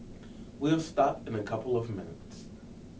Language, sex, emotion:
English, male, neutral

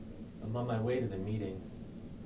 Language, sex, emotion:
English, male, neutral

